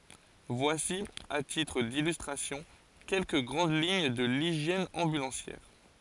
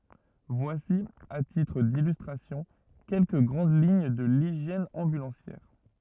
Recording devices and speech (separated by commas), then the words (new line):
forehead accelerometer, rigid in-ear microphone, read sentence
Voici à titre d'illustration quelques grandes lignes de l'hygiène ambulancière.